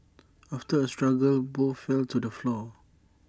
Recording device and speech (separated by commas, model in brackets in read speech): standing microphone (AKG C214), read sentence